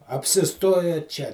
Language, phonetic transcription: Lithuanian, apsiˈstoja čia

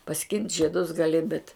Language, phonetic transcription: Lithuanian, paˈskint' žieˈdus gaˈli bet

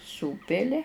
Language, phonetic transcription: Lithuanian, ˈsūpili

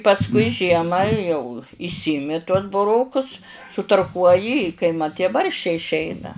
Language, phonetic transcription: Lithuanian, pasˈkui ˈžiemą jau išˈsiimi tuos buˈrokus sutarˈkuoji i kai ˈmat tie ˈbarščiai išˈeina

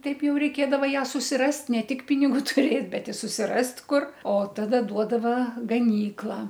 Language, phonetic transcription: Lithuanian, ˈtaip ˈjau reiˈkėdava ˈją susiˈrast ˈne ˈtik pinigų tuˈrėt' bet i susiˈrast ˈkur o ˈtada ˈduodava gaˈnykla

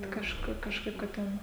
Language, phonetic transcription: Lithuanian, kažˈku kažˈkaip kad ˈten

